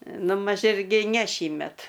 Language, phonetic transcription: Lithuanian, ˈnu maž ˈirgi ne ˈšįmet

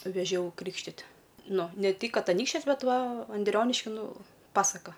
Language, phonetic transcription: Lithuanian, veˈžiau ˈkrykštit' ˈnu ne ˈtik ˈkad aˈnykščias ˈbet ˈva anˈdrioniški ˈnu ˈpasaka

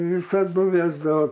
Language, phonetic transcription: Lithuanian, visaˈdu ˈvėsdavo

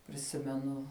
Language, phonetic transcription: Lithuanian, priˈsimenu

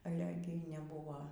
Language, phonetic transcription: Lithuanian, aˈle ˈgi neˈbūvo

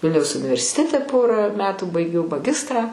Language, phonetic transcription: Lithuanian, ˈvilniaus universiˈtete ˈporą ˈmetų baiˈgiau maˈgistrą

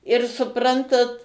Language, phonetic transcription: Lithuanian, ir suˈprantat

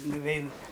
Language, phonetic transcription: Lithuanian, nuˈvein

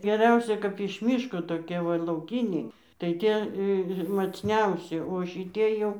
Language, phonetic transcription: Lithuanian, geˈriausia kap iš ˈmyško toˈkie ˈva lauˈkyniai tai ˈtie macˈniausi o šiˈtie jau

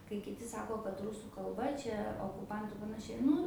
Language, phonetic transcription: Lithuanian, kai kiˈti ˈsako kad ˈrusų kalˈba ˈčia okuˈpantu ir panaˈšiai ˈnu

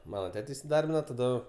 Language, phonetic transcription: Lithuanian, ˈmana ˈtete isiˈdarbina taˈdu

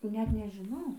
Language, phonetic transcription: Lithuanian, ˈnet nežiˈnau

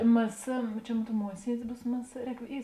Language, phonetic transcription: Lithuanian, mɘ sɘ čia mon ˈruod ˈmuosiedis ˈbūs mɘ sɘ ˈrēk ˈy

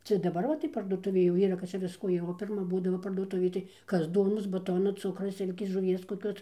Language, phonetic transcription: Lithuanian, ˈcia daˈbar va tai parduoˈtuvė jau ˈyra kad ˈčia ˈvisko jau o pirˈma ˈbūdavo parduoˈtuvėj tai ˈkas ˈduonos baˈtona ˈcukra ˈsilkės žuˈvies koˈkios

